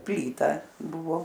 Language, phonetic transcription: Lithuanian, ˈplyta ˈbuvo

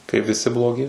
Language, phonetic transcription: Lithuanian, kaip viˈsi bloˈgi

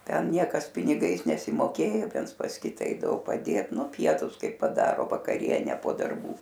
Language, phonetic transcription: Lithuanian, ˈten ˈniekas piniˈgais nesimoˈkėjo ˈviens pas ˈkita ˈeidavo paˈdėt ˈnu ˈpietus ˈkai paˈdaro vakaˈriene po darˈbų

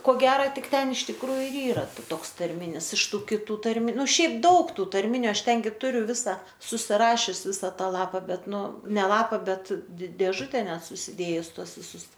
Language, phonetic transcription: Lithuanian, ko ˈgera ˈtik ˈten iš tikˈrųju ir ˈyra ˈtoks tarˈminis iš ˈtų kiˈtų tarˈmi ˈnu ˈšiaip ˈdaug ˈtų tarˈminiu ˈaš ˈten gi ˈturiu ˈvisa susiˈrašius ˈvisa ˈtą ˈlapa ˈbet ˈnu ˈne ˈlapa ˈbet di dėˈžute ˈnet susiˈdėjus ˈtuos viˈsus

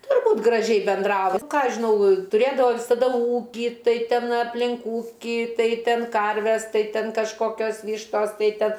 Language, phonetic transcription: Lithuanian, turˈbūt graˈžiai benˈdrava ˈką ˈaš žiˈnau tuˈrėdavo visaˈda ˈūkį ˈtai ˈten apˈlin ˈūki ˈtai ˈten ˈkarves ˈtai ˈten kažˈkokios ˈvyštos ˈtai ˈten

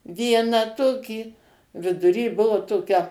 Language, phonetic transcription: Lithuanian, ˈvieną ˈtokį viduˈry ˈbuvo ˈtokia

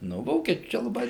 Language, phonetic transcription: Lithuanian, ˈnu ˈvokiečiu ˈčia laˈbai

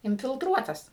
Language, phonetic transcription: Lithuanian, infilˈtruotas

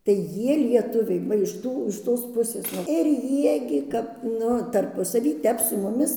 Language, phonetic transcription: Lithuanian, tai ˈjie lieˈtuviai ˈva iš ˈtų iš ˈtos ˈpusės nuo ir ˈjie gi ˈkap ˈnu tarˈpusavy ˈtep su muˈmis

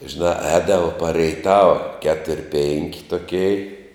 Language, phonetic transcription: Lithuanian, žiˈnā ˈēdavo par reiˈtava ˈketur' penk' toˈkei

